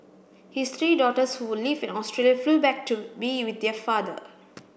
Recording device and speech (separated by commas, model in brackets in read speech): boundary microphone (BM630), read sentence